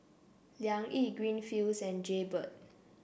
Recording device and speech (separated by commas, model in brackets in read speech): boundary microphone (BM630), read sentence